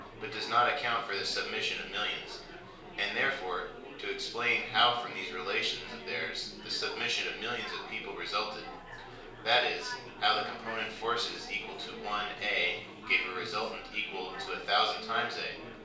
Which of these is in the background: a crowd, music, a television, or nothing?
Crowd babble.